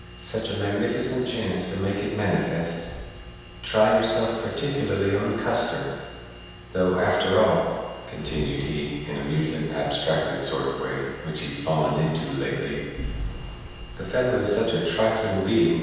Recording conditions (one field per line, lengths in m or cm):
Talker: one person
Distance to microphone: 7.1 m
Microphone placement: far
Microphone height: 1.7 m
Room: very reverberant, large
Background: none